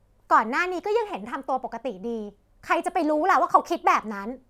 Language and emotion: Thai, angry